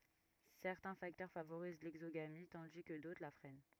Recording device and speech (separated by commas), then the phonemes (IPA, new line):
rigid in-ear microphone, read sentence
sɛʁtɛ̃ faktœʁ favoʁiz lɛɡzoɡami tɑ̃di kə dotʁ la fʁɛn